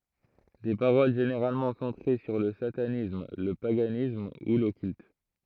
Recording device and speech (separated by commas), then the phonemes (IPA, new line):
throat microphone, read sentence
de paʁol ʒeneʁalmɑ̃ sɑ̃tʁe syʁ lə satanism lə paɡanism u lɔkylt